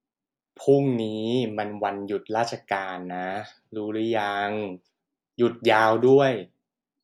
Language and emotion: Thai, neutral